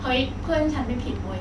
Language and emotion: Thai, angry